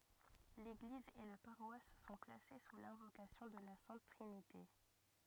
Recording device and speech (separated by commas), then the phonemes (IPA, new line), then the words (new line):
rigid in-ear microphone, read sentence
leɡliz e la paʁwas sɔ̃ plase su lɛ̃vokasjɔ̃ də la sɛ̃t tʁinite
L'église et la paroisse sont placées sous l'invocation de la Sainte Trinité.